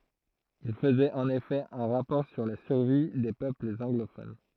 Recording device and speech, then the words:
throat microphone, read sentence
Il faisait en effet un rapport sur la survie des peuples anglophones.

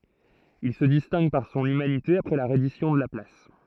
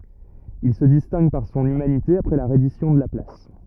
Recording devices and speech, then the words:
throat microphone, rigid in-ear microphone, read sentence
Il se distingue par son humanité après la reddition de la place.

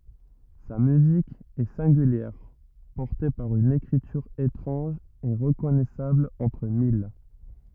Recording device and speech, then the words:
rigid in-ear microphone, read sentence
Sa musique est singulière, portée par une écriture étrange et reconnaissable entre mille.

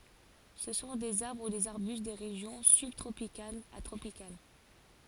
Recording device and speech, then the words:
forehead accelerometer, read sentence
Ce sont des arbres ou des arbustes des régions sub-tropicales à tropicales.

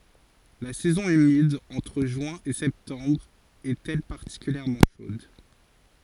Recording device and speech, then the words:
forehead accelerometer, read sentence
La saison humide, entre juin et septembre, est elle particulièrement chaude.

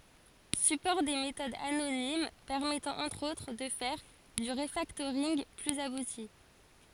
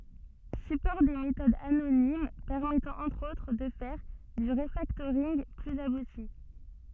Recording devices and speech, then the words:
forehead accelerometer, soft in-ear microphone, read sentence
Support des méthodes anonymes, permettant, entre autres, de faire du refactoring plus abouti.

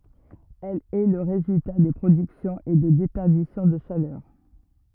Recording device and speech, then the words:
rigid in-ear microphone, read sentence
Elle est le résultat de productions et de déperditions de chaleur.

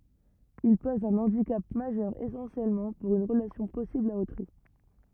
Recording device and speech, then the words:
rigid in-ear microphone, read sentence
Il pose un handicap majeur essentiellement pour une relation possible à autrui.

